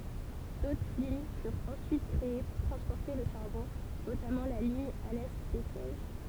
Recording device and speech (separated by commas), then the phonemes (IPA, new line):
temple vibration pickup, read sentence
dotʁ liɲ fyʁt ɑ̃syit kʁee puʁ tʁɑ̃spɔʁte lə ʃaʁbɔ̃ notamɑ̃ la liɲ alɛ bɛsɛʒ